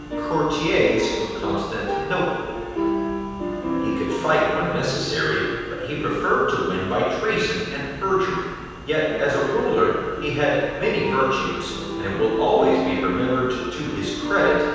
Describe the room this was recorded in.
A large, echoing room.